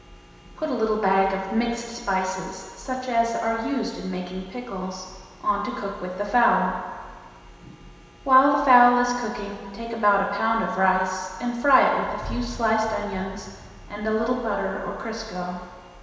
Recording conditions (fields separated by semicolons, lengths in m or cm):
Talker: one person; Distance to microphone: 1.7 m; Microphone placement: close; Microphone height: 1.0 m; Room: very reverberant, large; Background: none